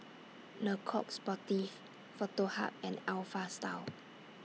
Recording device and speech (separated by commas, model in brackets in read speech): mobile phone (iPhone 6), read sentence